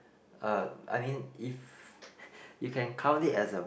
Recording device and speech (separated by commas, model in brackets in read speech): boundary microphone, conversation in the same room